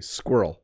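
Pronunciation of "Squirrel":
'Squirrel' is said quickly, so the word is crunched together.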